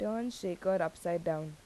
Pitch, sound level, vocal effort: 175 Hz, 83 dB SPL, normal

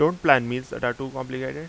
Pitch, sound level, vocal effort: 130 Hz, 89 dB SPL, loud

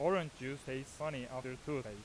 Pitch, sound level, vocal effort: 135 Hz, 91 dB SPL, loud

